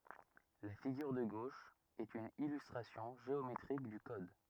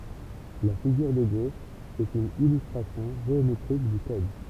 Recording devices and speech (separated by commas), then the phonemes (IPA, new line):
rigid in-ear microphone, temple vibration pickup, read sentence
la fiɡyʁ də ɡoʃ ɛt yn ilystʁasjɔ̃ ʒeometʁik dy kɔd